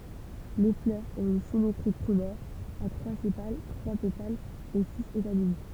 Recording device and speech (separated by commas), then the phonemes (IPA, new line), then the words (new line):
temple vibration pickup, read sentence
le flœʁz ɔ̃t yn simetʁi tʁimɛʁ a tʁwa sepal tʁwa petalz e siz etamin
Les fleurs ont une symétrie trimère, à trois sépales, trois pétales et six étamines.